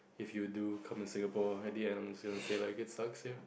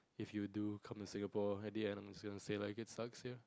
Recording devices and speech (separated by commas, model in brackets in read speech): boundary microphone, close-talking microphone, conversation in the same room